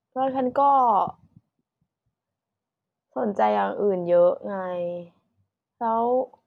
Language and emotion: Thai, frustrated